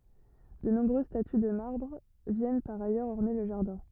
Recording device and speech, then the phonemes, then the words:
rigid in-ear microphone, read sentence
də nɔ̃bʁøz staty də maʁbʁ vjɛn paʁ ajœʁz ɔʁne lə ʒaʁdɛ̃
De nombreuses statues de marbre viennent par ailleurs orner le jardin.

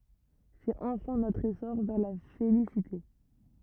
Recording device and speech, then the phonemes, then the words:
rigid in-ear microphone, read sentence
sɛt ɑ̃fɛ̃ notʁ esɔʁ vɛʁ la felisite
C'est enfin notre essor vers la félicité.

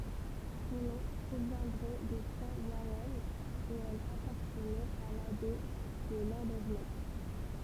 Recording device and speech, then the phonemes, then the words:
temple vibration pickup, read sentence
sɔ̃ nɔ̃ pʁovjɛ̃dʁɛ də sɛ̃ waʁɛʁn e ɛl apaʁtənɛt a labɛi də lɑ̃devɛnɛk
Son nom proviendrait de saint Warhem et elle appartenait à l'abbaye de Landévennec.

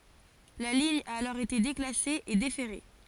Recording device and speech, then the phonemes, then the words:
forehead accelerometer, read sentence
la liɲ a alɔʁ ete deklase e defɛʁe
La ligne a alors été déclassée et déferrée.

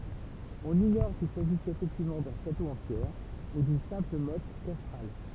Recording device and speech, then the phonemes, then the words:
temple vibration pickup, read sentence
ɔ̃n iɲɔʁ sil saʒisɛt efɛktivmɑ̃ dœ̃ ʃato ɑ̃ pjɛʁ u dyn sɛ̃pl mɔt kastʁal
On ignore s'il s'agissait effectivement d'un château en pierres ou d'une simple motte castrale.

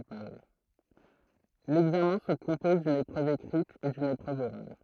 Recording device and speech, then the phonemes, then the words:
throat microphone, read sentence
lɛɡzamɛ̃ sə kɔ̃pɔz dyn epʁøv ekʁit e dyn epʁøv oʁal
L'examen se compose d'une épreuve écrite et d'une épreuve orale.

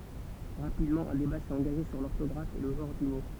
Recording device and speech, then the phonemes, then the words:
temple vibration pickup, read sentence
ʁapidmɑ̃ œ̃ deba sɛt ɑ̃ɡaʒe syʁ lɔʁtɔɡʁaf e lə ʒɑ̃ʁ dy mo
Rapidement, un débat s'est engagé sur l'orthographe et le genre du mot.

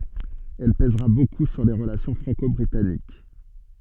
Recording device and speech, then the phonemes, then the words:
soft in-ear microphone, read sentence
ɛl pɛzʁa boku syʁ le ʁəlasjɔ̃ fʁɑ̃kɔbʁitanik
Elle pèsera beaucoup sur les relations franco-britanniques.

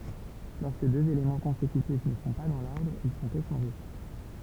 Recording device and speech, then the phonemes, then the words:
temple vibration pickup, read sentence
lɔʁskə døz elemɑ̃ kɔ̃sekytif nə sɔ̃ pa dɑ̃ lɔʁdʁ il sɔ̃t eʃɑ̃ʒe
Lorsque deux éléments consécutifs ne sont pas dans l'ordre, ils sont échangés.

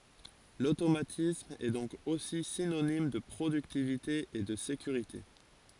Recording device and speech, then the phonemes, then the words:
forehead accelerometer, read sentence
lotomatism ɛ dɔ̃k osi sinonim də pʁodyktivite e də sekyʁite
L'automatisme est donc aussi synonyme de productivité et de sécurité.

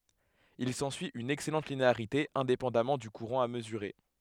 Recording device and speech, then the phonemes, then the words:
headset microphone, read sentence
il sɑ̃syi yn ɛksɛlɑ̃t lineaʁite ɛ̃depɑ̃damɑ̃ dy kuʁɑ̃ a məzyʁe
Il s'ensuit une excellente linéarité, indépendamment du courant à mesurer.

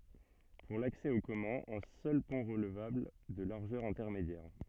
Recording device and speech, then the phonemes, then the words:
soft in-ear microphone, read sentence
puʁ laksɛ o kɔmœ̃z œ̃ sœl pɔ̃ ʁəlvabl də laʁʒœʁ ɛ̃tɛʁmedjɛʁ
Pour l'accès aux communs, un seul pont relevable, de largeur intermédiaire.

